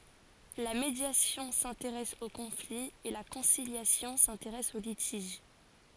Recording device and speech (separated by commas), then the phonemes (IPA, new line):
forehead accelerometer, read sentence
la medjasjɔ̃ sɛ̃teʁɛs o kɔ̃fli e la kɔ̃siljasjɔ̃ sɛ̃teʁɛs o litiʒ